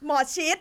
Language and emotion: Thai, neutral